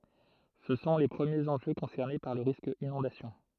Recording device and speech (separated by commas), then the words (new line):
throat microphone, read sentence
Ce sont les premiers enjeux concernés par le risque inondation.